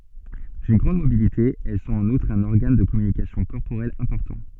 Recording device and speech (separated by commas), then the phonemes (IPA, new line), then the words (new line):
soft in-ear microphone, read sentence
dyn ɡʁɑ̃d mobilite ɛl sɔ̃t ɑ̃n utʁ œ̃n ɔʁɡan də kɔmynikasjɔ̃ kɔʁpoʁɛl ɛ̃pɔʁtɑ̃
D’une grande mobilité, elles sont en outre un organe de communication corporelle important.